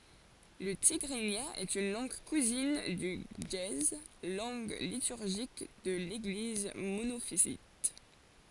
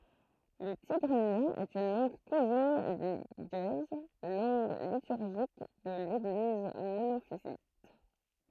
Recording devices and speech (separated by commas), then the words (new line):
forehead accelerometer, throat microphone, read sentence
Le tigrinya est une langue cousine du ge'ez, langue liturgique de l'Église monophysite.